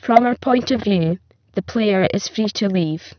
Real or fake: fake